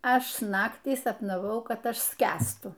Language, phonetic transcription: Lithuanian, ˈaš ˈnaktį sapnaˈvau ˈkad ˈaš ˈskęstu

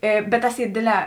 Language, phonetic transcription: Lithuanian, ˈė bet ˈtas ˈy ˈdėdˌlē

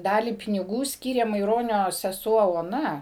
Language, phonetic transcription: Lithuanian, ˈdalį piniˈgų ˈskyrė maiˈronio seˈsuo oˈna

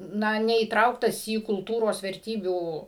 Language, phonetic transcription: Lithuanian, ˈna neįˈtrauktas į kulˈtūros verˈtybių

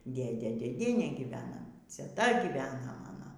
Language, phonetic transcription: Lithuanian, ˈdėdė dėˈdienė giˈvena ceˈta ˈgyvena ˈmano

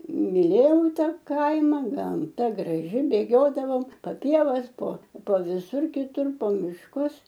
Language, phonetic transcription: Lithuanian, miˈlėjau ˈta ˈkaima gamˈta graˈži bėˈgiodavom pa ˈpievas po po viˈsur kiˈtur po mišˈkus

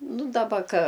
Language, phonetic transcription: Lithuanian, ˈnu daˈba ka

